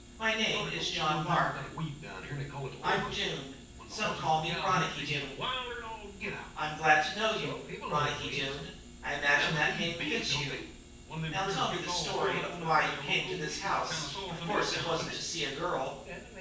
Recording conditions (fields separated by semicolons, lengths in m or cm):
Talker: one person; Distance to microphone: 9.8 m; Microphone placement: far; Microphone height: 1.8 m; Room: large; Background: television